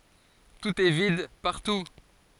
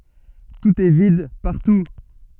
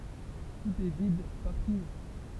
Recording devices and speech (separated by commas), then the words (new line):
forehead accelerometer, soft in-ear microphone, temple vibration pickup, read sentence
Tout est vide, partout.